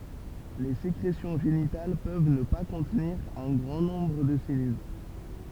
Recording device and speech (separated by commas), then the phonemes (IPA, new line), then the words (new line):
temple vibration pickup, read sentence
le sekʁesjɔ̃ ʒenital pøv nə pa kɔ̃tniʁ œ̃ ɡʁɑ̃ nɔ̃bʁ də se sɛlyl
Les sécrétions génitales peuvent ne pas contenir un grand nombre de ces cellules.